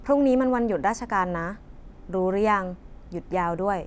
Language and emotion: Thai, neutral